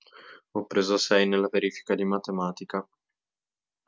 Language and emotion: Italian, sad